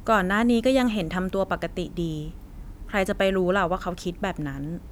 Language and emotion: Thai, neutral